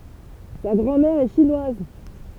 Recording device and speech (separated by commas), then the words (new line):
temple vibration pickup, read sentence
Sa grand-mère est chinoise.